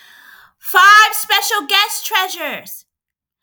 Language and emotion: English, happy